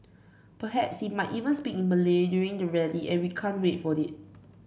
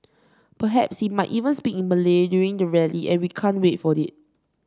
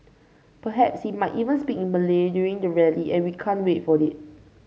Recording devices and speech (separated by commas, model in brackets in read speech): boundary microphone (BM630), standing microphone (AKG C214), mobile phone (Samsung C5), read sentence